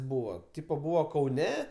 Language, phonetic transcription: Lithuanian, ˈbūva ˈtypa ˈbūva kauˈne

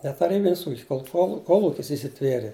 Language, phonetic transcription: Lithuanian, ne taˈrybinis ˈūkis kolˈchol kolˈukis įsiˈtvierė

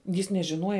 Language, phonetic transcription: Lithuanian, jis nežiˈnuoja

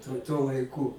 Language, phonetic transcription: Lithuanian, tu tuo laiˈku

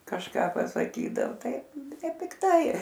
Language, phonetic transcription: Lithuanian, kažˈka pasaˈkydao ˈtai nepikˈtai

